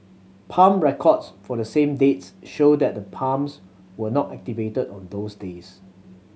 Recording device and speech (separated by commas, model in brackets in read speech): mobile phone (Samsung C7100), read sentence